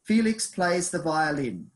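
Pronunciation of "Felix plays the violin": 'Felix plays the violin' is said with a falling intonation.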